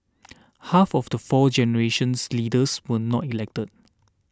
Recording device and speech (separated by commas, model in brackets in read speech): standing microphone (AKG C214), read sentence